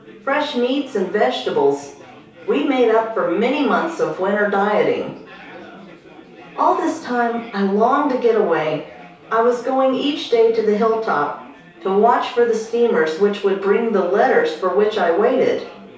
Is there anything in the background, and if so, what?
Crowd babble.